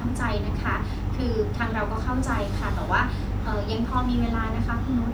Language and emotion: Thai, neutral